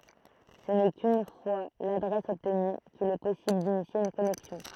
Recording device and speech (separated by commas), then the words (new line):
throat microphone, read sentence
Ce n'est qu'une fois l'adresse obtenue qu'il est possible d'initier une connexion.